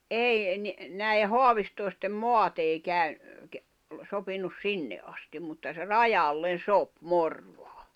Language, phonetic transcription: Finnish, 'ei , ni , näije "hoavistòi̬stem "moat ‿ei käy- , ke- , sopinus "sinne ’astim mutta se "rajallen̬ "sop 'Morᴠᴀᴀ .
- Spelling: ei niin näiden haavistoisten maat ei - - sopinut sinne asti mutta se rajalle sopi Morvaan

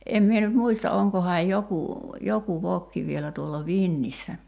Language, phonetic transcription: Finnish, 'em mie nyt 'muista 'oŋkohaaj 'joku , "joku 'vokki vielä tuolla "vinnissä .
- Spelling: en minä nyt muista onkohan joku joku vokki vielä tuolla vintissä

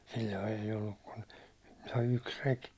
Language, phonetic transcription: Finnish, sil̜l̜oi eij ‿olluk kun , toi 'yks 'rek .
- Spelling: silloin ei ollut kuin tuo yksi reki

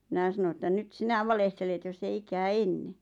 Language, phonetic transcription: Finnish, mⁱnä̀ sano että » nyt "sinä 'valehtelet joss ‿ei 'ikää "enne « .
- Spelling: minä sanoin että nyt sinä valehtelet jos ei ikään ennen

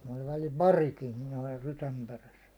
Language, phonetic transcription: Finnish, oĺ välil "parikin (minulla) 'rysäm 'peräs .
- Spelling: oli välillä parikin minulla rysän perässä

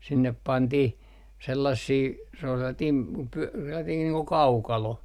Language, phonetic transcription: Finnish, 'sinnep 'pantih , 'sellassii , se ‿ol sellatiim p - 'pyä - sellatiin nii ko "kaukalo .
- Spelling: sinne pantiin sellaisia se oli sellainen - - sellainen niin kuin kaukalo

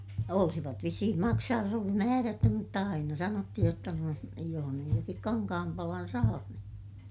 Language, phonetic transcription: Finnish, olsivat vissihim maksa(nuj jos olis) määrätty mutta aina sanottihij jotta noin , joh nyj joŋkik kankahampalan saa ni ,.
- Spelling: olisivat vissiin maksanut jos olisi määrätty mutta aina sanottiin jotta noin jos nyt jonkin kankaanpalan saa niin

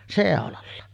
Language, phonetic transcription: Finnish, 'sèolalla .
- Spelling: seulalla

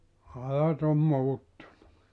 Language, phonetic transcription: Finnish, (kyllä) ne , 'ajat ‿om "muuttunu .
- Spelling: kyllä ne ajat on muuttunut

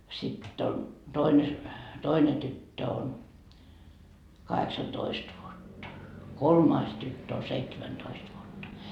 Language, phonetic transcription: Finnish, 'sitt ‿on , toine , 'toine tyttö on , 'kaheksa"toist vuotta , 'kolmais tyttö o 'seitsemän'toist vuotta .
- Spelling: sitten on toinen toinen tyttö on kahdeksantoista vuotta kolmas tyttö on seitsemäntoista vuotta

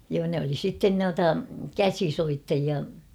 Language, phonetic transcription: Finnish, joo ne oli 'sitten 'nuata "käsi'soittajia .
- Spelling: joo ne oli sitten noita käsisoittajia

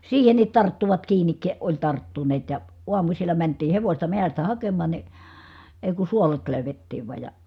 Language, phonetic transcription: Finnish, siihenit tarttuvat kiinik , oĺ tarttuneet ja , uamusilla mäntii hevośta mehästä hakeman̬ ni , èi̮ ku suolet lö̀y̬vettiiv vài̮j ja ,.
- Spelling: siihenkin tarttuvat kiinni oli tarttuneet ja aamusilla mentiin hevosta metsästä hakemaan niin ei kun suolet löydettiin vain ja

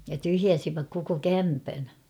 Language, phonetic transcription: Finnish, ja 'tyhjäsiväk koko "kämpän .
- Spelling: ja tyhjäsivät koko kämpän

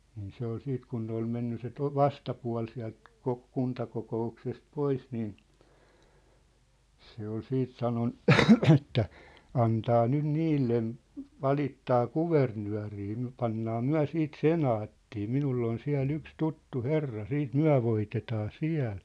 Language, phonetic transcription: Finnish, niin 'se ‿ol 'siit kun ne ‿ol 'menny se 'to- , "vastapua̭l siä̭lt , 'kok- , 'kuntakoko₍uksest "pois niin , 'se ‿ol 'siit 'sanon , että , » 'antaa 'nyn "niillen , 'valittaa "kuvernyä̭rii myä̭̆ 'pannaa 'myä̭ siit "senaattii , "minull ‿on 'siä̭'l ‿yks "tuttu "herra , 'siit "myä̭ voitetaa "siä̭l . «
- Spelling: niin se oli sitten kun ne oli mennyt se - vastapuoli sieltä - kuntakokouksesta pois niin se oli sitten sanonut että antaa nyt niille valittaa kuvernööriin me pannaan me siitä senaattiin minulla on siellä yksi tuttu herra sitten me voitetaan siellä

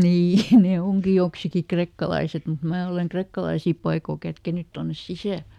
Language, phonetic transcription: Finnish, ˈnii ne ˈoŋki joksiki "krekkalaiset mut ˈmää oleŋ ˈkrekkalaisì paikò ˈkätkenyt tonnes "sisä̀l .
- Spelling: niin ne onkin joksikin krekkalaiset mutta minä olen krekkalaisia paikoin kätkenyt tuonne sisälle

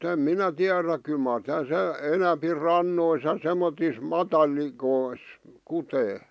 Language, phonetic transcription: Finnish, em 'minä tiäräk kyl mar (- -) 'enämpi "rannois ja 'semmotis "matalikois , 'kutee .
- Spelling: en minä tiedä kyllä mar - enempi rannoissa ja semmoisissa matalikoissa kutee

